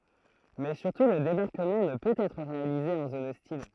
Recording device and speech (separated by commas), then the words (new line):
throat microphone, read sentence
Mais surtout le débarquement ne peut être réalisé en zone hostile.